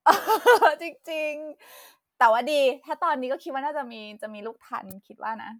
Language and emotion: Thai, happy